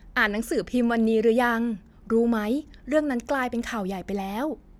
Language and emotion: Thai, happy